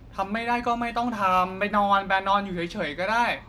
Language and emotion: Thai, frustrated